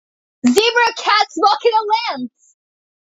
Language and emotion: English, happy